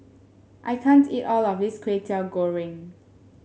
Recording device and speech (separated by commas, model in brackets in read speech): mobile phone (Samsung S8), read sentence